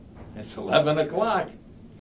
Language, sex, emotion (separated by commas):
English, male, happy